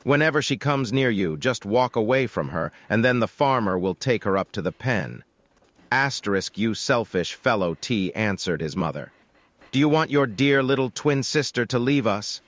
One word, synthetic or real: synthetic